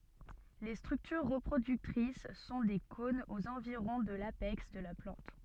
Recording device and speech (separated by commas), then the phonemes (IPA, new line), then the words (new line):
soft in-ear microphone, read sentence
le stʁyktyʁ ʁəpʁodyktʁis sɔ̃ de kɔ̃nz oz ɑ̃viʁɔ̃ də lapɛks də la plɑ̃t
Les structures reproductrices sont des cônes aux environs de l'apex de la plante.